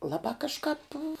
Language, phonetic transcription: Lithuanian, ˈlabā kažˈkāp

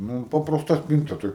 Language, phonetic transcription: Lithuanian, ˈnu papraˈsta ˈspynta ˈtai

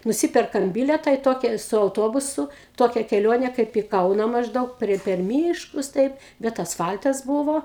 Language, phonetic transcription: Lithuanian, nuˈsiperkam ˈbiletą į ˈtokia su auˈtobusu ˈtokia keˈlionė kaip į ˈkauna mažˈdaug prie per ˈmyškus taip bet asˈfal'tas ˈbūvo

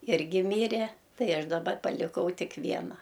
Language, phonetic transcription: Lithuanian, ˈirgi ˈmyre ˈtai ˈaš daˈba paliˈkau ˈtik ˈviena

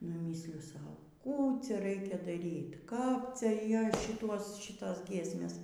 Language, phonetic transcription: Lithuanian, nu ˈmysliju ˈsau ˈkų ˈcia ˈraikia daˈryt kap ˈcia ˈjos ˈšituos ˈšitos ˈgiesmės

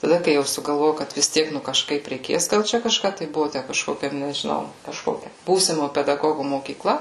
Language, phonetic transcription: Lithuanian, taˈda kai ˈjau sugalˈvojau ˈkad vis ˈtiek ˈnu kažˈkaip reiˈkės gal ˈčia kažˈką tai ˈbuvu ˈtæ kažˈkokia nežiˈnau kažˈkokia ˈbūsimo pedaˈgogu mokyˈkla

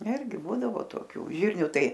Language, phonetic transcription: Lithuanian, ˈirgi ˈbūdavo toˈkių ˈžirnių ˈtai

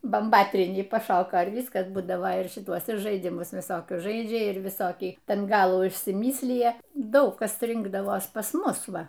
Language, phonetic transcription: Lithuanian, bamˈbatrynį paˈšoko ir ˈvyskas ˈbūdavo ir šiˈtuos ir žaiˈdimus viˈsokius ˈžaidžia ˈir viˈsokį ˈten ˈgalų išsiˈmyslija ˈdaug ˈkas ˈrinkdavos pas ˈmus ˈva

